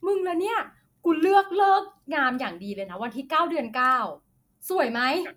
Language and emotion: Thai, happy